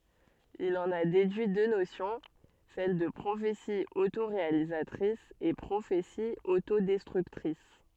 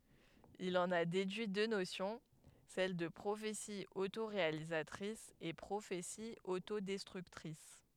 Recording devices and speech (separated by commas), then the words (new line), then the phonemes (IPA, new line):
soft in-ear microphone, headset microphone, read sentence
Il en a déduit deux notions, celles de prophétie autoréalisatrice et prophétie autodestructrice.
il ɑ̃n a dedyi dø nosjɔ̃ sɛl də pʁofeti otoʁealizatʁis e pʁofeti otodɛstʁyktʁis